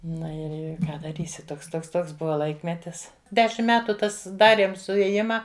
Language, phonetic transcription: Lithuanian, ˈnu ir ˈir ˈką daˈrysi ˈtoks ˈtoks ˈtoks ˈbuva ˈlaikmetis ˈdešim ˈmetu ˈtas ˈdariem suėˈjima

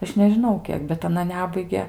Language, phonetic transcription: Lithuanian, ˈaš nežiˈnau ˈkiek bet aˈna ˈnebaige

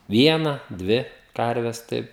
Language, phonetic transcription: Lithuanian, ˈviena ˈdvi ˈkarves ˈtaip

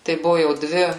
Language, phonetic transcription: Lithuanian, tai ˈbuvu jau ˈdvi

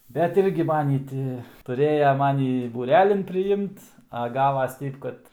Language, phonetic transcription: Lithuanian, bet ˈirgi ˈmanį ˈti tuˈrėja ˈmanį būˈrelin priˈimt a ˈgavas ˈteip kad

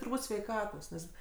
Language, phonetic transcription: Lithuanian, turˈbūt sveiˈkatos ˈnes

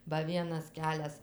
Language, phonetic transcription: Lithuanian, ba ˈvienas ˈkelias

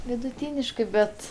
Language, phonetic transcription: Lithuanian, viduˈtyniškɜ ˈbet

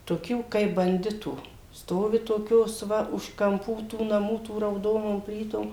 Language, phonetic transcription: Lithuanian, toˈkių kaip banˈditų ˈstovi toˈkios ˈva už kamˈpų tų naˈmų tų rauˈdonom ˈplytom

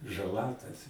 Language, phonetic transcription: Lithuanian, žaˈla tas

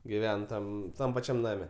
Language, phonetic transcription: Lithuanian, giˈven ˈtam ˈtam paˈčiam ˈname

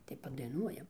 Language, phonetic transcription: Lithuanian, tai padaiˈnuojam

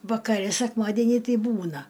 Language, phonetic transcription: Lithuanian, vakaˈre sekˈmadienį ˈtei ˈbūna

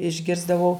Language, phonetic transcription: Lithuanian, išˈgirsdavau

